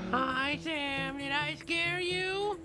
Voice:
high voice